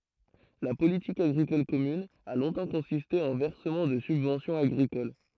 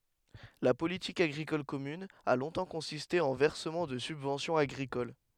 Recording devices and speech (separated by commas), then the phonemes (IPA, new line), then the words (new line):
throat microphone, headset microphone, read sentence
la politik aɡʁikɔl kɔmyn a lɔ̃tɑ̃ kɔ̃siste ɑ̃ vɛʁsəmɑ̃ də sybvɑ̃sjɔ̃z aɡʁikol
La politique agricole commune a longtemps consisté en versement de subventions agricoles.